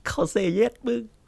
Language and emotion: Thai, happy